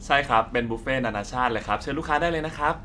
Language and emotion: Thai, happy